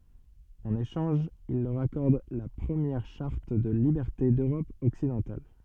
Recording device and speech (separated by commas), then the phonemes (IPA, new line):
soft in-ear microphone, read sentence
ɑ̃n eʃɑ̃ʒ il lœʁ akɔʁd la pʁəmjɛʁ ʃaʁt də libɛʁte døʁɔp ɔksidɑ̃tal